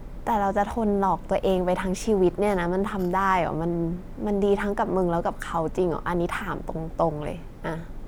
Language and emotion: Thai, frustrated